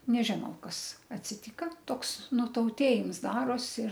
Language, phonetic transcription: Lithuanian, neˈžinau ˈkas atsiˈtyka ˈtoks nutauˈtėjims ˈdaros ir

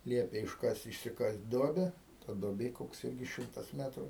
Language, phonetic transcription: Lithuanian, ˈliepė išˈkast' išsiˈkast' ˈduobe ta duoˈbė ˈkoks ˈilgis ˈšimtas ˈmetrų

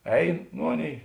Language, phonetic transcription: Lithuanian, ˈein ˈnu ˈaˌnėi

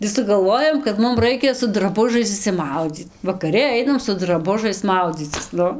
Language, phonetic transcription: Lithuanian, gi sugalˈvojom kad ˈmum ˈraikia su draˈbužais išsiˈmaudzyt vakaˈri ˈainam su draˈbužais ˈmaudzycis ˈnu

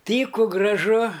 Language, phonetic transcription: Lithuanian, ˈtyku graˈžu

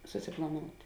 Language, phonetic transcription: Lithuanian, suˈsiplaˌnout'

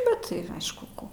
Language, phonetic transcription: Lithuanian, ˈbet tai ˈaišku ˈko

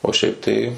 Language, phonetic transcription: Lithuanian, o ˈšiaip tai

